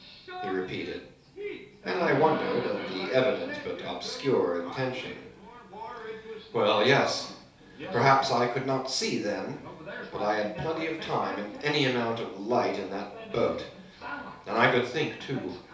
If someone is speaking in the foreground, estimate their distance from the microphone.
3.0 m.